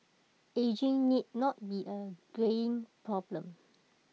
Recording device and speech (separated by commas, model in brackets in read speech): mobile phone (iPhone 6), read sentence